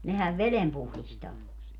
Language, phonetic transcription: Finnish, 'nehäv "velem 'puhlistaa .
- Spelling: nehän veden puhdistaa

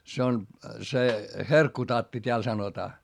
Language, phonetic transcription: Finnish, se on , se , herkkutatti t́eäl sanotaa .
- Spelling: se on se herkkutatti täällä sanotaan

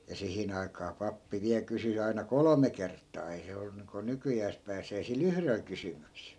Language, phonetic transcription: Finnish, ja 'sihin ‿ai̮kaa 'pappi 'viäl kysy(s) aina "kolome 'kert̆taa ei se 'ollu niiŋko 'nykyjääs pääsee si"l ‿yhrel kysymyksEL .
- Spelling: ja siihen aikaan pappi vielä kysyi aina kolme kertaa ei se ollut niin kuin nykyään pääsee sillä yhdellä kysymyksellä

